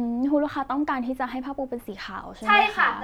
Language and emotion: Thai, neutral